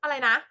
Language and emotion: Thai, angry